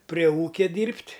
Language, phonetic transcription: Lithuanian, prie ˈūkia ˈdyrbt'

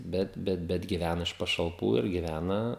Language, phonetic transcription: Lithuanian, ˈbet ˈbet giˈvæna iš pašalˈpų ir giˈvæna

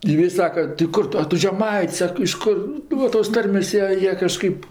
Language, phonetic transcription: Lithuanian, ˈjie i ˈsaka tai ˈkur tu a ˈtu žeˈmait's' ˈsak iš ˈkur ˈnu tos ˈtarmės' ˈjie ˈjie kažˈkaip

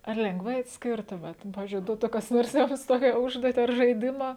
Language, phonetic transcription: Lithuanian, ar lengˈvai atsˈkirtumėt nu ˈpavizdžiui ˈduotu kas ˈnors ˈjums ˈtokia ˈužduoti ar žaiˈdima

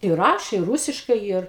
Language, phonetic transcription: Lithuanian, i ˈrašė ˈrūsiškai yr

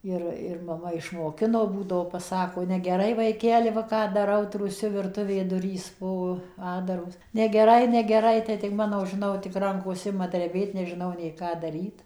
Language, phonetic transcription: Lithuanian, ˈir ir maˈma išmoˈkino ˈbūdavo paˈsako negˈerai vaiˈkeli ˈva ˈką ˈdarau trūˈsiu virˈtuvė ˈdurys ˈbuvo ˈatdaros negeˈrai negeˈrai tai tik ˈmano žiˈnau tik ˈrankos ˈima dreˈbėt nežiˈnau nei ˈką daˈryt

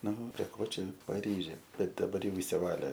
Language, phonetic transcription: Lithuanian, ˈnu prie ˈko ˈčia paˈryžė ˈbet daˈbar ˈjau išsiˈvalė

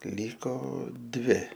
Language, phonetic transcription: Lithuanian, ˈlyko ˈdvi

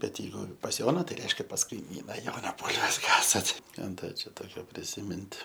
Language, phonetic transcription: Lithuanian, bet jeiˈgu pas ˈjona tai ˈreiškia pas kaiˈmyna ˈjona ˈbūlves ˈkasat ˈką ˈda čia ˈtokio prisiˈmint

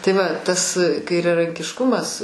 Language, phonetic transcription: Lithuanian, tai ˈva ˈtas kairiarankišˈkumas

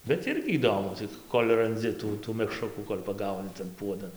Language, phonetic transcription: Lithuanian, bet ˈirgi įˈdomu ˈcik ˈkol' ranˈdzi ˈtų tų mekˈšrukų kol' paˈgauni tan ˈpuodan

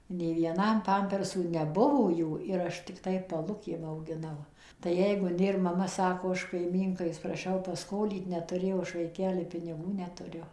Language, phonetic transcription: Lithuanian, nei vieˈnam ˈpampersų neˈbuvo ˈjų ir ˈaš tikˈtai paˈlukėm augiˈnau tai ˈjeigu ˈnėr maˈma ˈsako ˈaš kaiˈmynkai praˈšiau paˈskolyt netuˈrėjau ˈaš vaiˈkeli piniˈgų netuˈriu

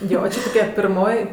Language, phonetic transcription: Lithuanian, ˈjo ˈči toˈkia pirˈmoj

